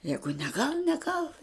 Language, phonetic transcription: Lithuanian, ˈjegu neˈgal neˈgal

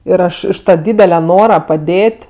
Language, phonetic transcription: Lithuanian, ˈir ˈaš iš ˈtą ˈdydele ˈnora paˈdėt'

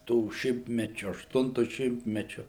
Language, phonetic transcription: Lithuanian, ˈtų ˈšimtmečiu ašˈtuntu ˈšimtmečiu

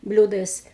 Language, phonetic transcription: Lithuanian, ˈbliūdais

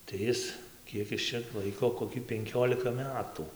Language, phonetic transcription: Lithuanian, tai ˈis ˈkiek is čia ˈlaiko koˈki penˈkiolika ˈmetu

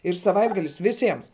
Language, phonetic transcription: Lithuanian, ir saˈvaitgalis viˈsiems

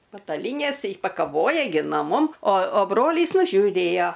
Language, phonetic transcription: Lithuanian, pataˈlynės i pakaˈvoja gi no ˈmum o o ˈbrolys nužiūˈrėjo

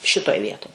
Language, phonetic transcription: Lithuanian, ˈšitoj ˈvietoj

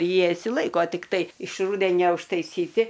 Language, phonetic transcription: Lithuanian, ˈjie išsiˈlaiko tikˈtai iš ˈrūdenia užtaiˈsyti

